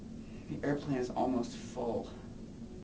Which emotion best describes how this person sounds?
disgusted